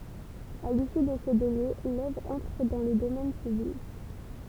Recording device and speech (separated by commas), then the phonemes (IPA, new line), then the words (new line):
temple vibration pickup, read sentence
a lisy də sə dele lœvʁ ɑ̃tʁ dɑ̃ lə domɛn pyblik
À l’issue de ce délai, l’œuvre entre dans le domaine public.